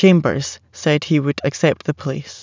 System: none